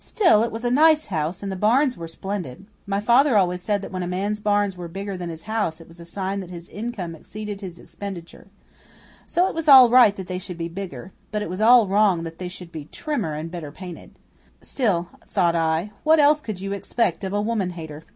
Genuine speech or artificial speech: genuine